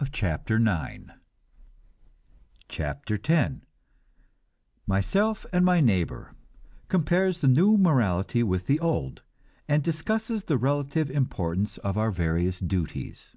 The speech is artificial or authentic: authentic